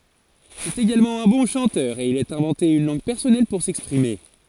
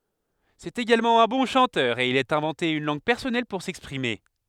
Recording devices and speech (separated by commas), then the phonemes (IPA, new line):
forehead accelerometer, headset microphone, read sentence
sɛt eɡalmɑ̃ œ̃ bɔ̃ ʃɑ̃tœʁ e il a ɛ̃vɑ̃te yn lɑ̃ɡ pɛʁsɔnɛl puʁ sɛkspʁime